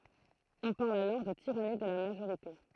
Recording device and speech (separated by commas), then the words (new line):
throat microphone, read sentence
On parle alors de tyrannie de la majorité.